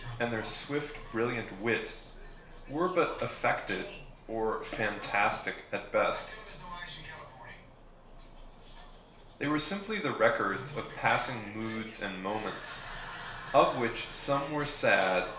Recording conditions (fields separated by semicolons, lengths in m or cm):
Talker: one person; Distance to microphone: 1.0 m; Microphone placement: close; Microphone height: 1.1 m; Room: small (3.7 m by 2.7 m); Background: television